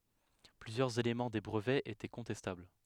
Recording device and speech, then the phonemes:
headset microphone, read sentence
plyzjœʁz elemɑ̃ de bʁəvɛz etɛ kɔ̃tɛstabl

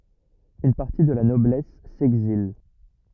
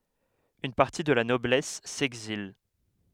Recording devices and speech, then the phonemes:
rigid in-ear microphone, headset microphone, read sentence
yn paʁti də la nɔblɛs sɛɡzil

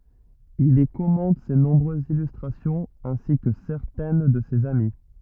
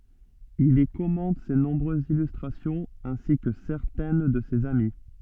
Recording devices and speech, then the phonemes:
rigid in-ear microphone, soft in-ear microphone, read sentence
il i kɔmɑ̃t se nɔ̃bʁøzz ilystʁasjɔ̃z ɛ̃si kə sɛʁtɛn də sez ami

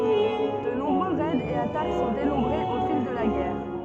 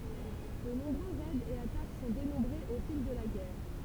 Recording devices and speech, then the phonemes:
soft in-ear microphone, temple vibration pickup, read sentence
də nɔ̃bʁø ʁɛdz e atak sɔ̃ denɔ̃bʁez o fil də la ɡɛʁ

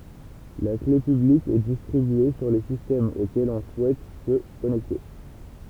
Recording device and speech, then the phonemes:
temple vibration pickup, read sentence
la kle pyblik ɛ distʁibye syʁ le sistɛmz okɛlz ɔ̃ suɛt sə kɔnɛkte

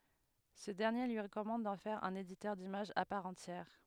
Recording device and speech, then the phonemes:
headset microphone, read sentence
sə dɛʁnje lyi ʁəkɔmɑ̃d dɑ̃ fɛʁ œ̃n editœʁ dimaʒz a paʁ ɑ̃tjɛʁ

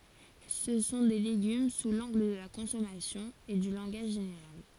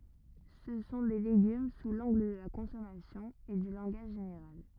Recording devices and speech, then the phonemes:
forehead accelerometer, rigid in-ear microphone, read sentence
sə sɔ̃ de leɡym su lɑ̃ɡl də la kɔ̃sɔmasjɔ̃ e dy lɑ̃ɡaʒ ʒeneʁal

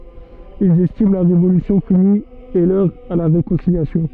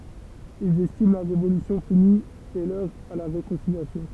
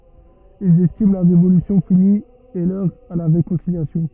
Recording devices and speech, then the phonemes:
soft in-ear microphone, temple vibration pickup, rigid in-ear microphone, read sentence
ilz ɛstim la ʁevolysjɔ̃ fini e lœʁ a la ʁekɔ̃siljasjɔ̃

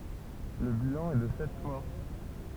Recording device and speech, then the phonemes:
temple vibration pickup, read sentence
lə bilɑ̃ ɛ də sɛt mɔʁ

